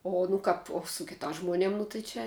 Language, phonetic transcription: Lithuanian, o nu ˈkap o su kitās žmoˈniem nu tai ˈčia

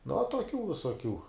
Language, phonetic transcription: Lithuanian, nu uo toˈkių visoˈkių

